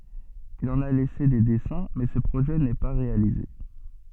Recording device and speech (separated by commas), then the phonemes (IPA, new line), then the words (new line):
soft in-ear microphone, read sentence
il ɑ̃n a lɛse de dɛsɛ̃ mɛ sə pʁoʒɛ nɛ pa ʁealize
Il en a laissé des dessins mais ce projet n'est pas réalisé.